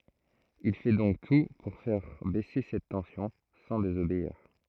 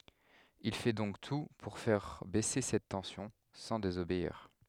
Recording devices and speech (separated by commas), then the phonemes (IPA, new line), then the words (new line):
throat microphone, headset microphone, read sentence
il fɛ dɔ̃k tu puʁ fɛʁ bɛse sɛt tɑ̃sjɔ̃ sɑ̃ dezobeiʁ
Il fait donc tout pour faire baisser cette tension, sans désobéir.